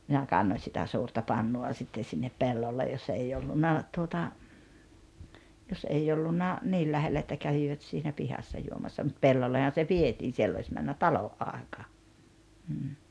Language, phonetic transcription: Finnish, minä 'kannoⁱn̬ sitä 'suurta 'pannu₍a sitten̬ sinnep "pellolle jos ‿ei ollunna , tuota , jos '’ei ollunna , "niil 'lähellä että 'kävivät siinä "pihassa 'juomassa mut 'pellollehan̬ se "vietiin 'siell ‿ois männä "talo’ '’àekà , m̥m̥ .
- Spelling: minä kannoin sitä suurta pannua sitten sinne pellolle jos ei ollut tuota jos ei ollut niin lähellä että kävivät siinä pihassa juomassa mutta pellollehan se vietiin siellä olisi mennyt talon aika mm

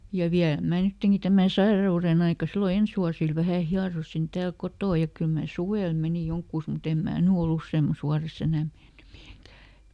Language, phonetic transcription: Finnish, ja "viälᵃ̈ ˈmää ˈnytteŋki tämä̀ "saira₍uren ‿aika sillo ˈens wuasil vähä̀ ˈhiarosin tääl "kotò ja ˈkyl mä̀ "suwèl ˈmenì ˈjoŋkkùs muˈt ‿em mää "ny oˈl ‿usseemmas ˈwuareˈs ‿enä (menny miheŋkää) .
- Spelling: ja vielä minä nytkin tämän sairauden aika silloin ensi vuosilla vähän hieroin täällä kotona ja kyllä minä suvella menin johonkin mutta en minä nyt ole useammassa vuodessa enää mennyt mihinkään

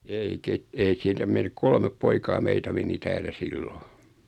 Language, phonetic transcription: Finnish, 'ei 'ket- , ei 'sieltä men , 'kolmep 'poikaa "meitä meni 'täl(l)ä "siilo .
- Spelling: ei - ei sieltä meni kolme poikaa meitä meni täällä silloin

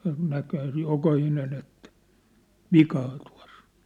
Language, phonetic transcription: Finnish, nä- näkhää sej 'jokahinen ‿ettᴀ̈ , "vikaa tua̭s s ‿ᴏɴ .
- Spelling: - näkihän sen jokainen että vikaa tuossa - on

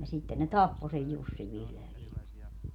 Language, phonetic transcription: Finnish, ja 'sitten ne "tappo sej "Jussiv 'vihlo ja viime .
- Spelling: ja sitten ne tappoi sen Jussin vihdoin ja viimein

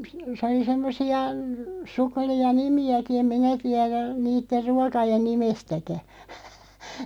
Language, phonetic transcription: Finnish, sᵉ oli 'semmosi₍a , 'sukkᵉli₍a "nimi₍äki em "minä 'tiäðä , 'niitter 'ruakajen "nimestäkä .
- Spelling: se oli semmoisia sukkelia nimiäkin en minä tiedä niiden ruokien nimestäkään

